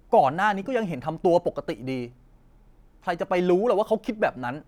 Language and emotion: Thai, frustrated